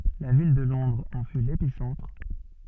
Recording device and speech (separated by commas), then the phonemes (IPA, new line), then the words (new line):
soft in-ear microphone, read sentence
la vil də lɔ̃dʁz ɑ̃ fy lepisɑ̃tʁ
La ville de Londres en fut l'épicentre.